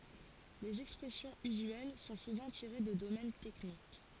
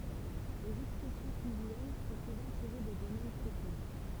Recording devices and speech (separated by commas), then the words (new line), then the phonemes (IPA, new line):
forehead accelerometer, temple vibration pickup, read sentence
Les expressions usuelles sont souvent tirées de domaines techniques.
lez ɛkspʁɛsjɔ̃z yzyɛl sɔ̃ suvɑ̃ tiʁe də domɛn tɛknik